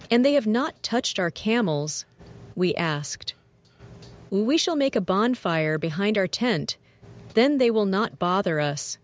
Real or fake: fake